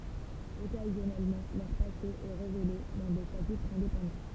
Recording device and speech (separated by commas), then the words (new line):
temple vibration pickup, read sentence
Occasionnellement, leur passé est révélé dans des chapitres indépendants.